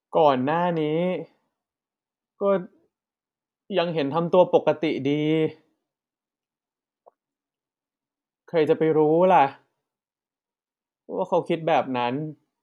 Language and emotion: Thai, sad